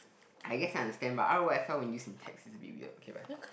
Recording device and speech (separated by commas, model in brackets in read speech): boundary microphone, conversation in the same room